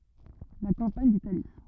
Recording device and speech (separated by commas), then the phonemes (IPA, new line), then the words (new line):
rigid in-ear microphone, read sentence
la kɑ̃paɲ ditali
La campagne d’Italie.